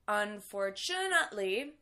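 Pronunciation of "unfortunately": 'Unfortunately' is pronounced incorrectly here, with the stress in the wrong place.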